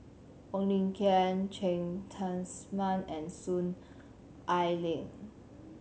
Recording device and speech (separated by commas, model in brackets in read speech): mobile phone (Samsung C7100), read sentence